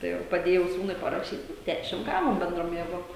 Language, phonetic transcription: Lithuanian, tai ˈva paˈdėjau ˈsūnui paraˈšyt ˈdæšim ˈgavom benˈdrom jėˈgom

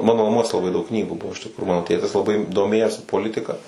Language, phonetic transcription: Lithuanian, ˈmano naˈmuos laˈbai daug ˈknygų ˈbuvo iš tikˈrų ˈmano ˈtėtis laˈbai doˈmėjosi poˈlitika

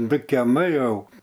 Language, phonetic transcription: Lithuanian, ˈdu keˈmai ˈjau

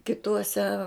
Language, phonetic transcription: Lithuanian, kiˈtuose

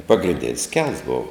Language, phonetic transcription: Lithuanian, pagrinˈdens kels ˈbov

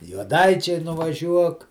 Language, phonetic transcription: Lithuanian, juoˈdaičiai nuvaˈžiuok

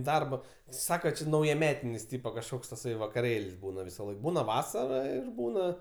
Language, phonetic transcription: Lithuanian, ˈdarba ˈsaka ˈči naujaˈmetinis ˈtypa kažˈkoks taˈsai vakaˈrėl's' ˈbūna visaˈlaik ˈbūna ˈvasara ˈir ˈbūna

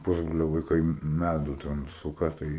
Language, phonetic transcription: Lithuanian, ˈpusbrolio vaiˈkai ˈmædu ten ˈsuka ˈtai

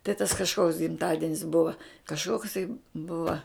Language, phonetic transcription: Lithuanian, tai tas kažˈkoks gimˈtadinis ˈbuva kažˈkoksai ˈbuva

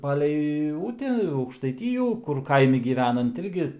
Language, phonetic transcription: Lithuanian, ˈpalei ˈute aukštaiˈtyjų kur ˈkaimi gyˈvenant ˈirgi

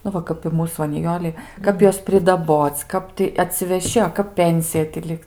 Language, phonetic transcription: Lithuanian, nu ˈva kap i ˈmūs va niˈjolei ˈkap ˈjuos pridaˈboc ˈkap ti atsiveˈši a ˈkap ˈpensija ti ˈliks

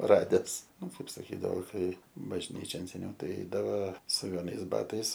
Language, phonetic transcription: Lithuanian, ˈrades ˈnu ˈkaip saˈkydavo ˈkai bažˈnyčion seˈniau ˈtai ˈeidava su veˈnais ˈbatais

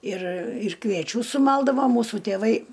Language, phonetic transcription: Lithuanian, ir ir kvieˈčių suˈmaldavo ˈmūsu tėˈvai

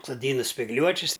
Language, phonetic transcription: Lithuanian, soˈdyna spigˈliuočis

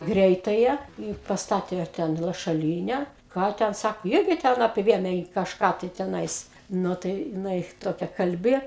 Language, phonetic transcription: Lithuanian, ˈgreitaja į pasˈtatė ˈten lašaˈlyne ˈką ten ˈsako ˈirgi ten apˈvėmė ji kažˈką tai teˈnais ˈnu tai jiˈnai ˈtokia kalˈbi

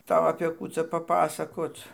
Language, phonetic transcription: Lithuanian, ˈtau apė ˈkų ca paˈpasakoc

